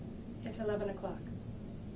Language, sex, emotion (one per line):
English
female
neutral